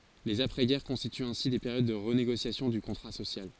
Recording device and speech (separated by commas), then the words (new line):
forehead accelerometer, read sentence
Les après-guerre constituent ainsi des périodes de renégociation du contrat social.